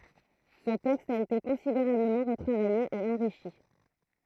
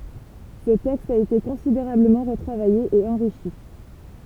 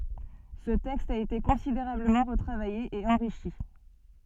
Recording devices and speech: throat microphone, temple vibration pickup, soft in-ear microphone, read sentence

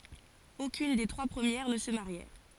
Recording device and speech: forehead accelerometer, read sentence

